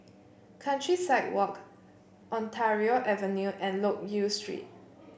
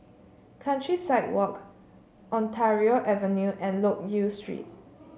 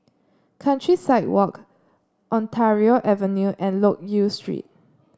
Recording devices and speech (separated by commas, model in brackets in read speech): boundary microphone (BM630), mobile phone (Samsung C7), standing microphone (AKG C214), read sentence